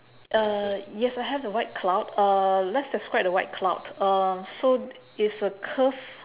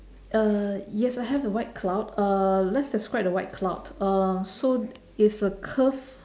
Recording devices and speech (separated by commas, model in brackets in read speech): telephone, standing microphone, conversation in separate rooms